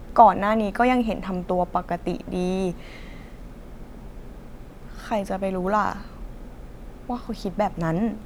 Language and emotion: Thai, sad